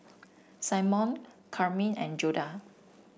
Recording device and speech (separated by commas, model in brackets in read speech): boundary microphone (BM630), read sentence